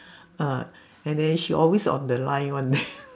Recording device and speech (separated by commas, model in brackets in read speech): standing microphone, conversation in separate rooms